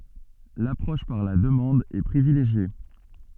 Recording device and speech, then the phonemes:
soft in-ear microphone, read sentence
lapʁɔʃ paʁ la dəmɑ̃d ɛ pʁivileʒje

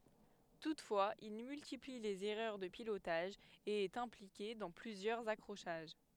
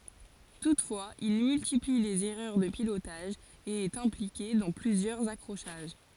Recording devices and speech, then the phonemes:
headset microphone, forehead accelerometer, read sentence
tutfwaz il myltipli lez ɛʁœʁ də pilotaʒ e ɛt ɛ̃plike dɑ̃ plyzjœʁz akʁoʃaʒ

